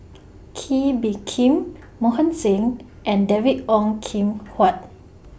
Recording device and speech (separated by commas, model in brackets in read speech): boundary microphone (BM630), read sentence